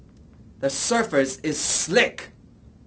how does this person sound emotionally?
angry